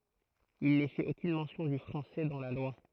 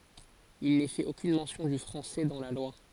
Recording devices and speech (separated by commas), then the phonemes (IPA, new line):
throat microphone, forehead accelerometer, read sentence
il nɛ fɛt okyn mɑ̃sjɔ̃ dy fʁɑ̃sɛ dɑ̃ la lwa